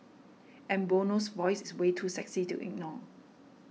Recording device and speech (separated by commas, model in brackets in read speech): mobile phone (iPhone 6), read sentence